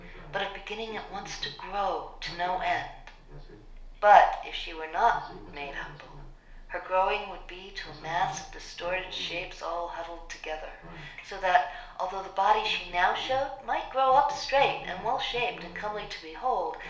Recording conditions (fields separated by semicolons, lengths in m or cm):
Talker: one person; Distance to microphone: 1.0 m; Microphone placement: close; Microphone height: 1.1 m; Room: small (3.7 m by 2.7 m); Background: television